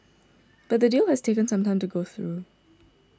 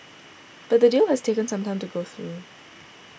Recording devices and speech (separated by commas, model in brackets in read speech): standing microphone (AKG C214), boundary microphone (BM630), read sentence